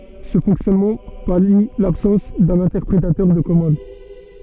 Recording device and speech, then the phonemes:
soft in-ear microphone, read sentence
sə fɔ̃ksjɔnmɑ̃ pali labsɑ̃s dœ̃n ɛ̃tɛʁpʁetœʁ də kɔmɑ̃d

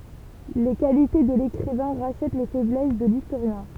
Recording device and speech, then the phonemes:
temple vibration pickup, read sentence
le kalite də lekʁivɛ̃ ʁaʃɛt le fɛblɛs də listoʁjɛ̃

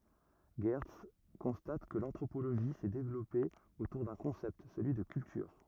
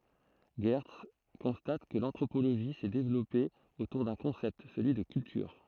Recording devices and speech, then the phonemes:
rigid in-ear microphone, throat microphone, read sentence
ʒɛʁts kɔ̃stat kə lɑ̃tʁopoloʒi sɛ devlɔpe otuʁ dœ̃ kɔ̃sɛpt səlyi də kyltyʁ

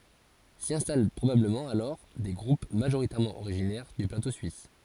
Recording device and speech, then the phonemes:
forehead accelerometer, read sentence
si ɛ̃stal pʁobabləmɑ̃ alɔʁ de ɡʁup maʒoʁitɛʁmɑ̃ oʁiʒinɛʁ dy plato syis

